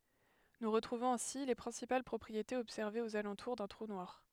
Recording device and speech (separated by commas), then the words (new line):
headset microphone, read sentence
Nous retrouvons ainsi les principales propriétés observées aux alentours d'un trou noir.